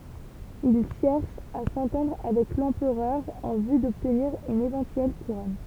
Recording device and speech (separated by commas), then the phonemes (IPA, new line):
temple vibration pickup, read sentence
il ʃɛʁʃ a sɑ̃tɑ̃dʁ avɛk lɑ̃pʁœʁ ɑ̃ vy dɔbtniʁ yn evɑ̃tyɛl kuʁɔn